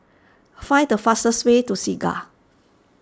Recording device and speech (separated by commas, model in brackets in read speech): standing microphone (AKG C214), read sentence